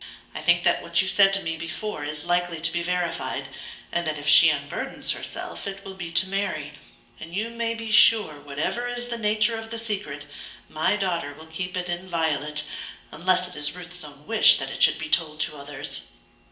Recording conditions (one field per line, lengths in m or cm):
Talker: one person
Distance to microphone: 1.8 m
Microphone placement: close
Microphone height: 1.0 m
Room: large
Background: none